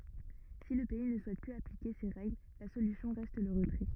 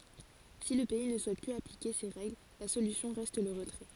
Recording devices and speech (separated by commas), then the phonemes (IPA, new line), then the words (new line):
rigid in-ear microphone, forehead accelerometer, read sentence
si lə pɛi nə suɛt plyz aplike se ʁɛɡl la solysjɔ̃ ʁɛst lə ʁətʁɛ
Si le pays ne souhaite plus appliquer ces règles, la solution reste le retrait.